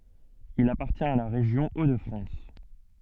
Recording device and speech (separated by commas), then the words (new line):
soft in-ear microphone, read sentence
Il appartient à la région Hauts-de-France.